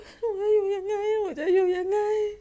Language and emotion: Thai, sad